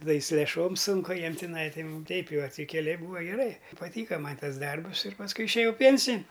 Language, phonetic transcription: Lithuanian, taˈda i su lėˈšom ˈsunku jam tiˈnai tai teip jau a ti keˈliai ˈbūa geˈrai paˈtyka ˈman' ˈtas ˈdarbus ir pasˈkui išėˈjau ˈpiensin'

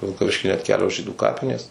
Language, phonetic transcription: Lithuanian, vilkaˈviški net ˈkelios ˈžydų ˈkapinės

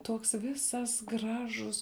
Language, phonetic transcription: Lithuanian, ˈtuoks ˈvisas ˈgražus

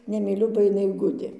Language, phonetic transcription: Lithuanian, nemyˈliu ba iˈnai ˈgudė

